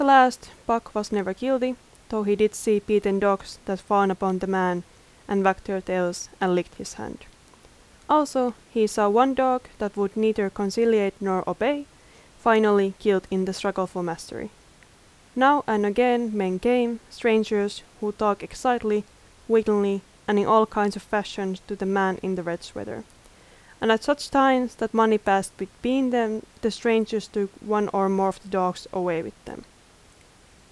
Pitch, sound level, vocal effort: 210 Hz, 83 dB SPL, loud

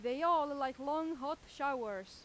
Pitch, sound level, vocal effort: 280 Hz, 96 dB SPL, very loud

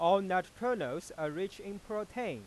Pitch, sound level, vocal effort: 195 Hz, 98 dB SPL, loud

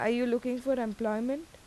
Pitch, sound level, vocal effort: 240 Hz, 83 dB SPL, normal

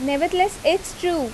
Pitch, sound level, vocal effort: 345 Hz, 85 dB SPL, loud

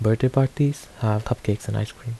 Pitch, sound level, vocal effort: 115 Hz, 74 dB SPL, soft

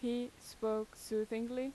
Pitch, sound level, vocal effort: 230 Hz, 85 dB SPL, loud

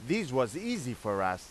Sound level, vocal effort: 94 dB SPL, very loud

